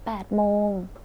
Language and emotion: Thai, neutral